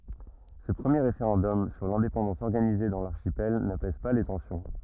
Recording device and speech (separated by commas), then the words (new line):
rigid in-ear microphone, read sentence
Ce premier référendum sur l'indépendance organisé dans l'archipel n’apaise pas les tensions.